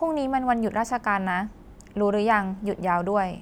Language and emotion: Thai, neutral